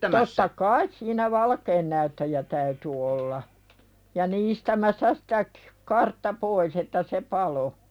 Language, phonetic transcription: Finnish, totta "kais siin̆nä 'valkeennäyttäjä täyty olla , ja 'niistämässä sᴵtä k- , "kartta pois ‿että se "palo .
- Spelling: totta kai siinä valkeannäyttäjä täytyi olla ja niistämässä sitä - kartta pois että se paloi

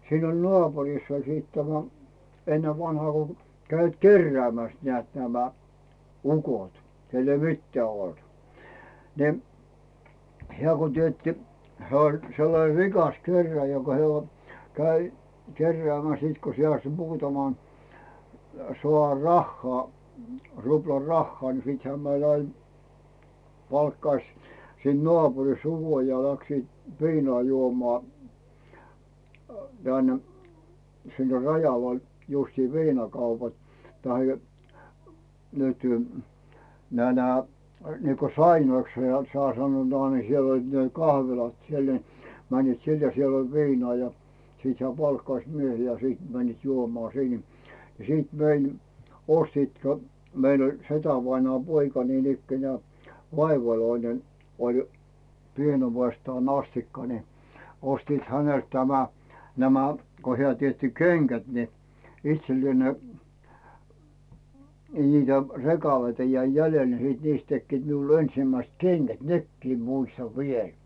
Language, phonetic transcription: Finnish, 'siin ‿oĺ 'nᵒàpuriss ‿oĺ siit 'tämä , 'ennev vanhaa ko 'käivät "kerrᵉä̀mäs nⁱä̀t nämä , 'ukot , 'kell ‿ei "mittᵉä̀ olt , ni , 'hᵉä̀ ko 'tietti , 'hᵉä̀ oĺ sellane "rikas 'kerrᵉä̀jä joka he- oĺ , 'käi , "kerrᵉä̀mäs siit ko se asmuutaman , so₍ar 'rahhaa , ruplar 'rahhaa ni 'siithää 'mäl ‿ain , 'palkkaⁱs , siinᵗ 'nᵒàpurisᵗ "uko ja 'läksiit 'viinᴏà 'juomᴏà , Dän , sinne "Rajaval , justii 'viinakaupat , tahe , nytʏ , nää nää , niiko "sainoiksha ne 'sᵒà 'sannoot ni 'siel ‿oĺ ne "kahvilat 'siel ni , 'männiit "sin ja 'siel oĺ "viinᵒà ja , 'siit hᵉä̀ 'palkkaⁱs "miehii ja 'siit männiit "juomᵒà sìn ja , ja siit mein , 'ostiit kä- , 'meil ‿oĺ 'setävainᵒaam "poika niinikkenᵉä̀ , 'vaivaloinen , oĺ , 'pienuvestaan ‿"astikka ni , 'ostiit 'hänelt tämä , nämä , ko hᵉä̀ 'tietti "keŋGät ni , 'itsellⁱè ne , ni 'niitä "rekaleita jäi 'jälel ni siit "niist 'tekkiit miul 'ensⁱmäist "keŋGät "nekkii 'muistav 'viel .
- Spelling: siinä oli naapurissa oli sitten tämä ennen vanhaan kun kävivät keräämässä näet nämä ukot kenellä ei mitään ollut niin hän kun teetti hän oli sellainen rikas kerääjä joka - oli kävi keräämässä sitten kun se - muutaman saa rahaa ruplan rahaa niin sittenhän meillä aina palkkasi siitä naapurista ukon ja lähtivät viinaa juomaan tänne sinne Rajavalle justiin viinakaupat tai nyt nämä nämä niin kuin sainoiksi ne - sanovat niin siellä oli ne kahvilat siellä niin menivät sinne ja siellä oli viinaa ja sitten hän palkkasi miehiä ja sitten menivät juomaan sinne ja ja sitten meidän ostivat - meillä oli setävainaan poika niinikään vaivalloinen oli pienuudestaan asti niin ostivat häneltä tämä nämä kun hän teetti kengät niin itselle ne niin niitä rekaleita jäi jäljelle niin sitten niistä tekivät minulle ensimmäiset kengät nekin muistan vielä

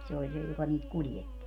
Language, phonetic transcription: Finnish, se oĺ 'se joka niit 'kuljetti .
- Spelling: se oli se joka niitä kuljetti

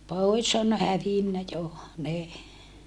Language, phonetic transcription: Finnish, pòis on hävinnä jo , ne .
- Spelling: pois on hävinnyt jo ne

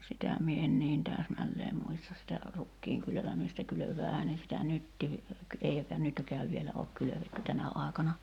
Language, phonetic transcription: Finnish, 'sitä mie en niin "tääsmälleem 'muista sitä , 'rukkiiŋ kylövämistä 'kylöv̀äähää ne sitä "nyttii , 'eikä 'nytkääv vielä ook 'kylövetty 'tänä ài̬kana ,.
- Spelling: sitä minä en niin täsmälleen muista sitä rukiin kylvämistä kylväähän ne sitä nytkin eikä nytkään vielä ole kylvetty tänä aikana

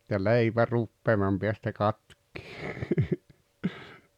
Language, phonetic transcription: Finnish, ja 'leipä 'ruppeemam peästä 'katk̆kɪɪ .
- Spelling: ja leipä rupeaman päästä katkeaa

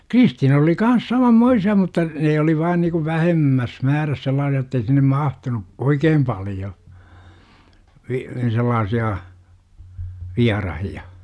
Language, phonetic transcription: Finnish, Kristiina(s) oli 'kans "samammoisi₍a mutta , nee oli vaan niku "vähemmäs 'määräs sel̆laasi₍a ottei sinnem 'mahtunu , "oikeem paljo , vi- , 'sellaasi₍a , "viarahi₍a .
- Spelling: Kristiinassa oli kanssa samanmoisia mutta ne oli vain niin kuin vähemmässä määrässä sellaisia jotta ei sinne mahtunut oikein paljon - sellaisia vieraita

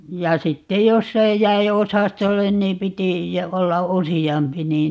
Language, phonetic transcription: Finnish, ja 'sittej "joss ‿ei , 'jäi "osastollen niim 'piti , 'olla "usi₍ampi niin , .
- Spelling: ja sitten jos ei jäi osastolle niin piti olla useampi niin

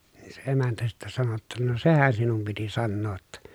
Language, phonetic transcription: Finnish, nii se emäntä sittä sano ‿tta » no sehän sinum piti sannoo ‿tta » .
- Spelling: niin se emäntä sitten sanoi jotta no sehän sinun piti sanoa jotta

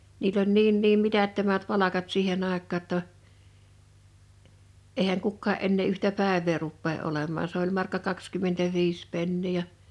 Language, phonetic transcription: Finnish, niill ‿oĺ 'niin 'niim 'mitättömät 'palakat 'siihen ‿àek̆kaa ‿tta , èihäŋ 'kukkaa’ ’ennee yhtä "pä̀ev̆vee ruppee '’olemmaa s ‿oĺ 'markka 'kakskymmentäviis 'pennii ja ,.
- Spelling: niillä oli niin niin mitättömät palkat siihen aikaan jotta eihän kukaan enää yhtä päivää rupea olemaan se oli markka kaksikymmentäviisi penniä ja

